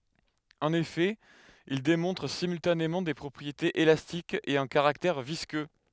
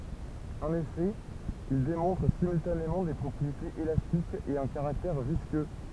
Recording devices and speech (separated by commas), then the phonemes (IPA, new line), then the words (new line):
headset microphone, temple vibration pickup, read sentence
ɑ̃n efɛ il demɔ̃tʁ simyltanemɑ̃ de pʁɔpʁietez elastikz e œ̃ kaʁaktɛʁ viskø
En effet, ils démontrent simultanément des propriétés élastiques et un caractère visqueux.